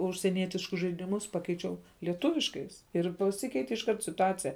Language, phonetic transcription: Lithuanian, užsieˈnietiškus žaidiˈmus ˈpakeičiau lieˈtuviškais ir paˈsikeiti išˈkart situˈacija

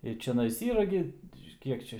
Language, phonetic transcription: Lithuanian, i čiaˈnais ˈyra gi ˈkiek čia

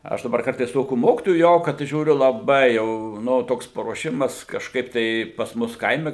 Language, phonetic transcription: Lithuanian, ˈaš daˈbar ˈkartais ˈtokių ˈmokitojų ˈjau kad žiūˈriu laˈbai ˈjau ˈnu ˈtoks paruoˈšimas kažˈkaip tai pas ˈmus ˈkaime

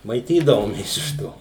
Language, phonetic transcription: Lithuanian, maiˈtydavomės iš ˈto

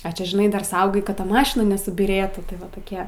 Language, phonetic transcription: Lithuanian, a ˈčia žiˈnai dar ˈsaugai ˈkad ˈta ˈmašina nesubyˈrėtų tai ˈva toˈkie

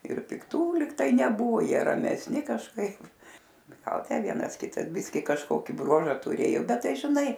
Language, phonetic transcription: Lithuanian, ir pikˈtų lyg ˈtai neˈbuvo ˈjie ramesˈni kažˈkaip gal ˈtę ˈvienas ˈkitas ˈbiski kažˈkoki ˈbruoža tuˈrėjo ˈbet ˈtai žiˈnai

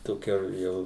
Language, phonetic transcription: Lithuanian, toˈkia ˈjau

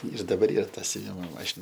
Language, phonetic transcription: Lithuanian, ir daˈbar ˈyr ˈta siuˈvimo ˈmašina

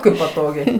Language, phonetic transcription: Lithuanian, ˈkaip paˈtogiai

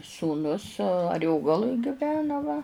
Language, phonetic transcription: Lithuanian, sūˈnus aˈriogaluj giˈvena va

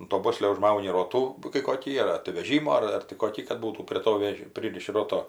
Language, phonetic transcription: Lithuanian, un to ˈboslio užˈmauni ˈrotų kai koˈkį ar ar tai veˈžymo ar tai koˈkį kad ˈbūtų prie ˈto ˈvež ˈpryriši ˈroto

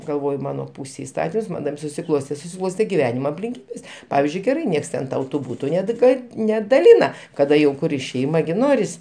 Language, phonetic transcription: Lithuanian, galˈvoju ˈmano ˈpūsėj iˈstatims ˈman taip susiˈklostė susiˈklostė giˈvenima aplinˈkybės ˈpavizdžiui geˈrai ˈnieks ˈten ˈtau ˈbūtu ˈned ˈgad nedaˈlina kaˈda jau ˈkuri šeima gi ˈnoris

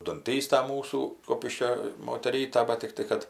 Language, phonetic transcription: Lithuanian, dunˈtysta ˈmūsų ˈkupiškio moteˈryta ˈbat tikˈtai kad

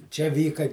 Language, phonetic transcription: Lithuanian, čia ˈvyka

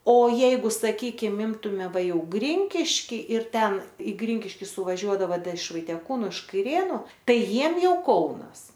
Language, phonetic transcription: Lithuanian, o ˈjeigu saˈkykim ˈimtume ˈva ˈjau ˈgrinkišky ir ˈten i ˈgrinkiški suvaˈžiuodava ˈda iš vaitieˈkūnu iš kaiˈrėnu ˈtai ˈjiem ˈjau ˈkaunas

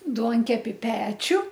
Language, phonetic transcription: Lithuanian, ˈduonkepi ˈpečiu

